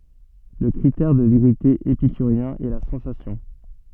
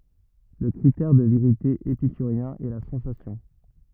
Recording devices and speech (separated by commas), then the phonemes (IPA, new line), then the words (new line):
soft in-ear microphone, rigid in-ear microphone, read sentence
lə kʁitɛʁ də veʁite epikyʁjɛ̃ ɛ la sɑ̃sasjɔ̃
Le critère de vérité épicurien est la sensation.